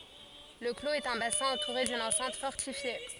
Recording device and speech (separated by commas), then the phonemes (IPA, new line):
forehead accelerometer, read sentence
lə kloz ɛt œ̃ basɛ̃ ɑ̃tuʁe dyn ɑ̃sɛ̃t fɔʁtifje